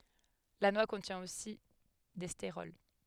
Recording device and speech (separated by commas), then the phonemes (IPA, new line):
headset microphone, read sentence
la nwa kɔ̃tjɛ̃ osi de steʁɔl